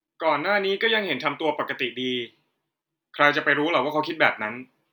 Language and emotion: Thai, neutral